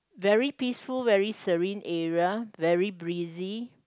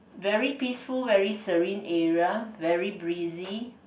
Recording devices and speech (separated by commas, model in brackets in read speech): close-talking microphone, boundary microphone, conversation in the same room